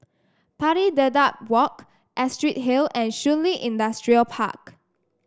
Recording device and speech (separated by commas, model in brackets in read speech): standing microphone (AKG C214), read sentence